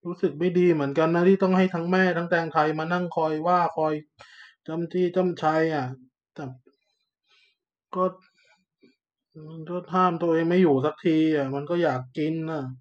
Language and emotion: Thai, frustrated